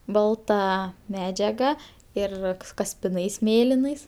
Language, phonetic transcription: Lithuanian, ˈbalta ˈmedžiaga ˈir kaspiˈnais ˈmėlinais

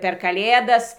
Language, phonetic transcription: Lithuanian, per kaˈlėdas

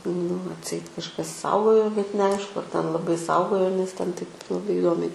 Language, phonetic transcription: Lithuanian, nu atˈseit kažˈkas ˈsaugojo bet neˈaišku ar ten laˈbai ˈsaugojo ˈnes ˈten ˈtaip laˈbai iˈdomiai

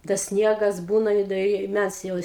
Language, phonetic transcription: Lithuanian, tas ˈsniegas ˈbūna i da ˈi ˈmæs jau

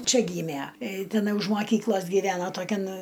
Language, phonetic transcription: Lithuanian, ˈčia ˈgymæ tiˈnai už maˈkyklos giˈvena toˈkian

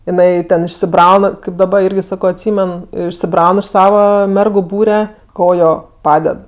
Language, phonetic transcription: Lithuanian, jiˈnai ˈten išsiˈbraun kaip daˈbar ˈirgi ˈsako atˈsymen išsiˈbraun iš ˈsava ˈmergu ˈbūre ˈkojo ˈpaded

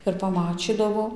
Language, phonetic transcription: Lithuanian, ir paˈmačydavo

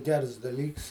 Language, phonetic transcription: Lithuanian, ˈgers daˈlyks

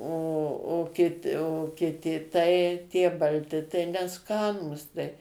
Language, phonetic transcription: Lithuanian, o o ˈkit o kiˈti tai ˈtie balˈti tai neˈskanūs tai

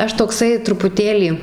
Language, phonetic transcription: Lithuanian, ˈaš tokˈsai trupuˈtėlį

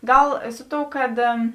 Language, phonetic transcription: Lithuanian, ˈgal ˈsu ˌtou ˈkad

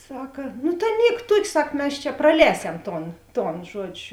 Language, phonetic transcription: Lithuanian, ˈsaka no tai ˈniek ˈtuok' ˈsak ˈmes čia praˈlēsem ˈton ˈton ˈžuodžiu

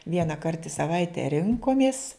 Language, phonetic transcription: Lithuanian, vienaˈkart i saˈvaite ˈrinkomis

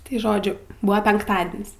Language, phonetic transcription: Lithuanian, tai ˈžodžiu ˈbua penkˈtadin's'

